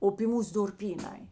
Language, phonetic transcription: Lithuanian, o py ˈmūs durˈpyˌnai

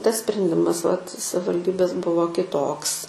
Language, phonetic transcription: Lithuanian, ˈtas sprenˈdimas vat savalˈdybės ˈbuvo kiˈtoks

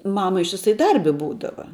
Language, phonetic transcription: Lithuanian, ˈmama ištiˈsai ˈdarbi ˈbūdava

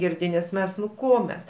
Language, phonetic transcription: Lithuanian, ˈgirdi nes ˈmes nu ˈko mes

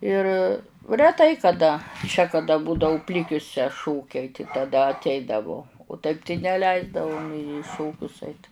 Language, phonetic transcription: Lithuanian, ir reˈtai kaˈda čia kaˈda ˈbūdau ˈplikiuse ˈšokiai tai taˈda atˈeidavu o taip tai neˈleisdavu nė i ˈšokius ˈait

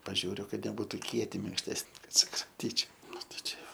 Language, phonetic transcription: Lithuanian, paˈžiūriu ˈkad neˈbūtų ˈkieti minkšˈtesni ˈkad sukramˈtyčiau ˈnu tai čia ˈjo

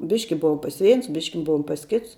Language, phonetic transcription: Lithuanian, ˈbiški ˈbuvom pas ˈveins ˈbiški ˈbuvom pas ˈkits

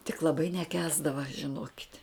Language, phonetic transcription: Lithuanian, tik laˈbai neˈkęsdava žiˈnokit'

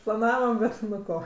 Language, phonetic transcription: Lithuanian, plaˈnavam ˈbet ˈnu ˈko

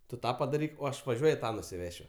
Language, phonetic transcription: Lithuanian, ˈtu ˈtą padaˈryk o ˈaš vaˈžiuoju ˈtą nusiˈvešiu

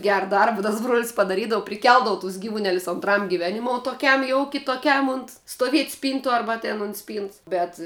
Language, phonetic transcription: Lithuanian, ˈgera ˈdarba tas bruol's' padaˈrydavu priˈkeldavu tus ˈgyvuˌnelius ontˈram giˈvenimou toˈkiam jau kitoˈkiam unt stoˈviet' ˈspyntu ˈarba ten unt ˈspynts bet

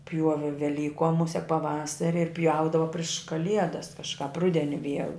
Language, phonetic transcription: Lithuanian, ˈpjuovi veˈlykom ˈmusek paˈvasari ir ˈpjaudava priš kaˈliedas kažˈkāp ˈrudeni ˈviel

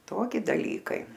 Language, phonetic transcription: Lithuanian, ˈtoki daˈlykai

